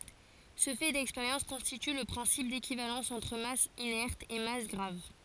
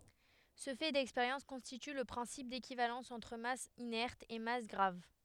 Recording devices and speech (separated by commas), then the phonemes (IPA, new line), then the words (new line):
forehead accelerometer, headset microphone, read sentence
sə fɛ dɛkspeʁjɑ̃s kɔ̃stity lə pʁɛ̃sip dekivalɑ̃s ɑ̃tʁ mas inɛʁt e mas ɡʁav
Ce fait d'expérience constitue le principe d'équivalence entre masse inerte et masse grave.